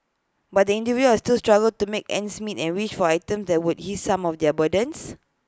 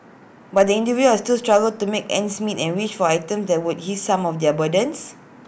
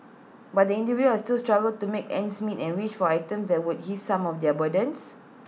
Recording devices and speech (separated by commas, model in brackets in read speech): close-talking microphone (WH20), boundary microphone (BM630), mobile phone (iPhone 6), read sentence